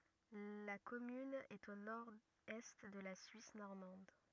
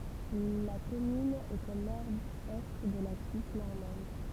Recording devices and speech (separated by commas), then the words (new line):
rigid in-ear microphone, temple vibration pickup, read sentence
La commune est au nord-est de la Suisse normande.